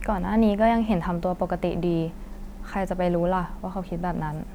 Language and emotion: Thai, neutral